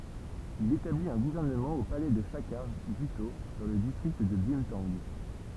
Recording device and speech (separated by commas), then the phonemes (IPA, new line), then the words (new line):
temple vibration pickup, read sentence
il etablit œ̃ ɡuvɛʁnəmɑ̃ o palɛ də ʃakaʁ ɡyto dɑ̃ lə distʁikt də bœ̃tɑ̃ɡ
Il établit un gouvernement au palais de Chakhar Gutho, dans le district de Bumthang.